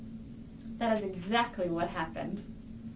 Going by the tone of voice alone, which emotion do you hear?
neutral